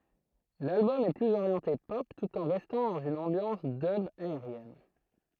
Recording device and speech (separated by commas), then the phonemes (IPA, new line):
throat microphone, read sentence
lalbɔm ɛ plyz oʁjɑ̃te pɔp tut ɑ̃ ʁɛstɑ̃ dɑ̃z yn ɑ̃bjɑ̃s dœb aeʁjɛn